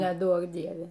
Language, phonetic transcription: Lithuanian, neˈduok ˈdieve

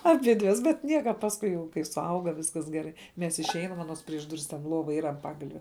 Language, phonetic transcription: Lithuanian, aˈbidves bet ˈnieka pasˈkui jau kai suˈauga ˈviskas geˈrai ˈmes išˈeinam aˈnos prieš ˈduris ten ˈlova ˈyra an ˈpagalve

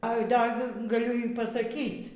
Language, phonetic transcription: Lithuanian, ai ˈda g gaˈliu y pasaˈkyt

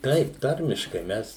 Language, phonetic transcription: Lithuanian, ˈtaip ˈtarmiškai ˈmes

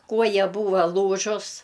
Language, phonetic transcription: Lithuanian, ˈkuoja ˈbūva ˈlūžus

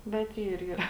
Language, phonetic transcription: Lithuanian, bet ˈyr yˈra

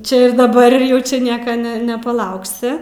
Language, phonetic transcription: Lithuanian, ˈčia ir daˈbar ir ˈjau čia ˈnieka ne nepaˈlauksi

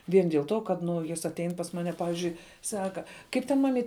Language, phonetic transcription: Lithuanian, ˈvien diel ˈto kad ˈnu ˈjis atˈein pas ˈmane ˈpavižiui ˈsaka ˈkaip ten maˈmyt

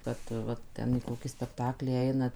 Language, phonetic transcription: Lithuanian, ˈkad ˈva ˈten į ˈkokį spekˈtaklį ˈeina

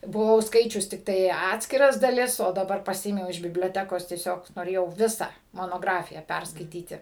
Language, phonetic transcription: Lithuanian, buˈvau ˈskaičius tikˈtai ˈatskiras daˈlis o daˈbar paˈsiėmiau iš biblioˈtekos tieˈsiog noˈrėjau ˈvisą monoˈgrafiją ˈperskaityti

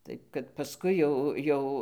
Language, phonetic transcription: Lithuanian, ˈtaip kad paˈskui jau ˈjau

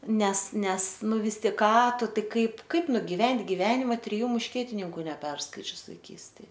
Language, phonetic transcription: Lithuanian, ˈnes ˈnes ˈnu ˈvis ˈtik ˈką ˈtu ˈtai ˈkaip ˈkaip nugiˈvent' giˈvenima triˈjų mušˈkietininku neˈperskaičius vaiˈkystėj

